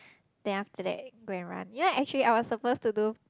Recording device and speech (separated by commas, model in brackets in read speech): close-talking microphone, conversation in the same room